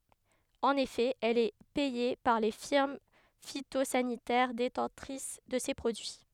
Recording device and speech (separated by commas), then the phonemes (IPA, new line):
headset microphone, read sentence
ɑ̃n efɛ ɛl ɛ pɛje paʁ le fiʁm fitozanitɛʁ detɑ̃tʁis də se pʁodyi